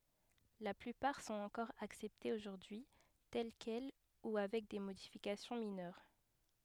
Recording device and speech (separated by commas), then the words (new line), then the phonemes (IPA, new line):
headset microphone, read sentence
La plupart sont encore acceptées aujourd’hui, telles quelles ou avec des modifications mineures.
la plypaʁ sɔ̃t ɑ̃kɔʁ aksɛptez oʒuʁdyi tɛl kɛl u avɛk de modifikasjɔ̃ minœʁ